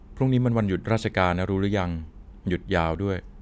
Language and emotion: Thai, neutral